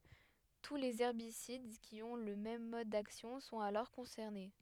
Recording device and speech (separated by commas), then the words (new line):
headset microphone, read sentence
Tous les herbicides qui ont le même mode d’action sont alors concernés.